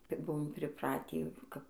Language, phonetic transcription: Lithuanian, ˈkaip ˈbuvom priˈpratį kap

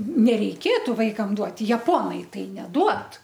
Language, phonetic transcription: Lithuanian, nereiˈkėtu ˈvaikam ˈduoti jaˈponai ˈtai neˈduod

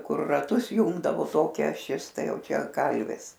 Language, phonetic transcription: Lithuanian, ˈkur raˈtus ˈjungdavo ˈtokia aˈšis ˈtai ˈjau ˈčia ˈkalvis

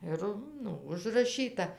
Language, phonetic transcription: Lithuanian, ˈir ˈnu užraˈšyta

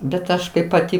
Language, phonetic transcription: Lithuanian, bet ˈaš kaip paˈti

